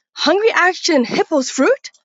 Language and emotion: English, surprised